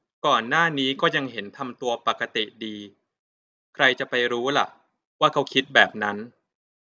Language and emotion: Thai, neutral